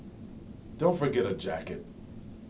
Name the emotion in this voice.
neutral